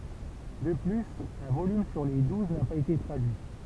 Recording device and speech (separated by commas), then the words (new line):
temple vibration pickup, read sentence
De plus, un volume sur les douze n'a pas été traduit.